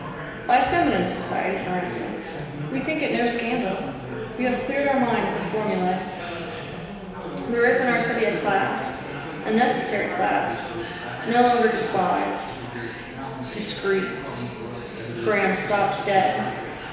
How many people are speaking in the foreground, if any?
One person.